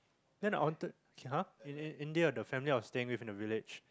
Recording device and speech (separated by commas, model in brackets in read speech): close-talking microphone, conversation in the same room